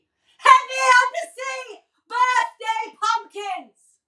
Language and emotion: English, neutral